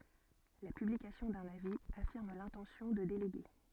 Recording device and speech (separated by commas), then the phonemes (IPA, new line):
soft in-ear microphone, read sentence
la pyblikasjɔ̃ dœ̃n avi afiʁm lɛ̃tɑ̃sjɔ̃ də deleɡe